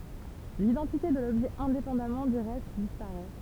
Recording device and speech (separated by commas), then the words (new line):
temple vibration pickup, read sentence
L'identité de l'objet indépendamment du reste disparaît.